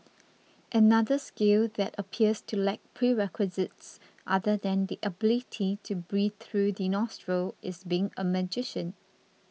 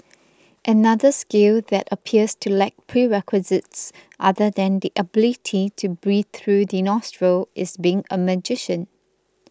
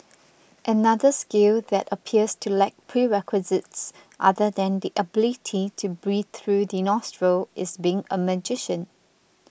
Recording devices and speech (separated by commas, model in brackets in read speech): mobile phone (iPhone 6), close-talking microphone (WH20), boundary microphone (BM630), read sentence